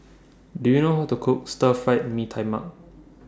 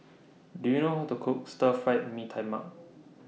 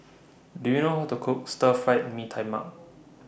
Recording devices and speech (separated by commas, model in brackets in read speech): standing microphone (AKG C214), mobile phone (iPhone 6), boundary microphone (BM630), read sentence